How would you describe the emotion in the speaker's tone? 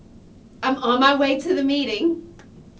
neutral